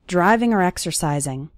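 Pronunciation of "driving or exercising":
In 'driving or exercising', the word 'or' sounds like 'er'.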